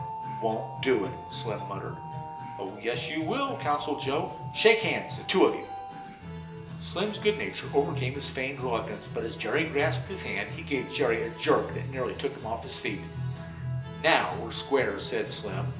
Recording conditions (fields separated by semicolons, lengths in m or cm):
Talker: one person; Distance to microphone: 1.8 m; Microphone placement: close; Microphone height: 1.0 m; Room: large; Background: music